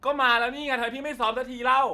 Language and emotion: Thai, angry